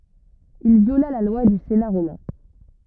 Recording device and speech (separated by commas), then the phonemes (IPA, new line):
rigid in-ear microphone, read sentence
il vjola la lwa dy sena ʁomɛ̃